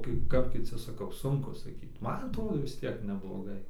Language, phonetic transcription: Lithuanian, ˈkaip ˈkap kiˈci saˈkau ˈsunku saˈkyt ˈman atˈrodo vis ˈtiek nebloˈgai

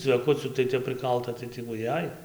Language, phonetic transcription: Lithuanian, cveˈkucių tai ˈtep prɨˈkalta tai ti vuˈjai

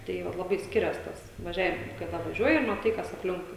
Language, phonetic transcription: Lithuanian, ˈtai vat laˈbai ˈskirias ˈtas vaˈžiavim kaˈda vaˈžiuoji i maˈtai ˈkas apˈlinkui

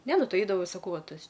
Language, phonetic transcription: Lithuanian, ˈne ˈnu ˈtai ˈeidavo saˈkau ˈva ˈtas

